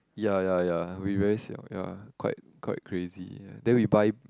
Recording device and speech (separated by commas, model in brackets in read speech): close-talking microphone, conversation in the same room